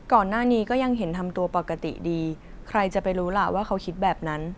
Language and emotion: Thai, frustrated